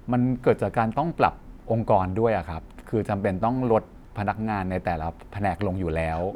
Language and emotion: Thai, frustrated